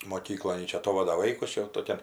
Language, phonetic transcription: Lithuanian, moˈkyklon ˈji ˈčia aˈtovada ˈvaikus ˈčia jau toˈkian

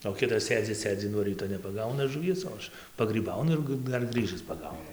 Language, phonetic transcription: Lithuanian, o ˈkitas ˈsėdzi ˈsėdzi nuo ˈryto nepaˈgauna žuˈvies o ˈaš pagryˈbaunu ir ˈgɨ ˈdar ˈgrɨžɨs paˈgaunu

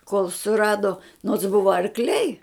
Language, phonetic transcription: Lithuanian, kol suˈrado nots ˈbuva arkˈliai

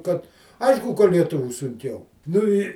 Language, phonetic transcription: Lithuanian, kad ˈaišku ka lieˈtuvių sunˈkiau nu ˈi

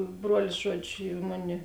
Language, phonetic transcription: Lithuanian, ˈbruolis ˈžuoˌdžiu ˈmuˌni

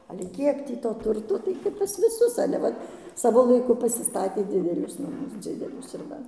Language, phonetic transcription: Lithuanian, ale ˈkiek tį to ˈturto tai kap pas viˈsus ale ˈvat ˈsavo laiˈku pasiˈstatė ˈdidelius naˈmus ˈdzidelius ir ˈva

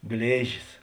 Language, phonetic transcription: Lithuanian, ˈglėžis

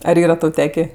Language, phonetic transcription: Lithuanian, ar ˈyra ˈtau ˈtekė

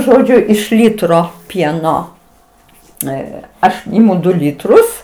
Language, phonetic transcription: Lithuanian, ˈžodžiu iš ˈlytro ˈpieno ˈe ˈaš ˈimu ˈdu ˈlytrus

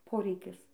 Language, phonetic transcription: Lithuanian, ˈporeikis

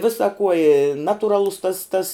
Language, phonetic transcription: Lithuanian, ˈvisa kuo i ˈnatuˌralus tas tas

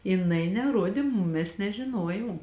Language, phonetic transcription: Lithuanian, jiˈnai neˈruodė ˈmum ˈmes nežiˈnojom

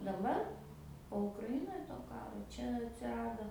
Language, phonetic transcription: Lithuanian, daˈbar po ukraˈinoj to ˈkaro ˈčia atsiˈrado

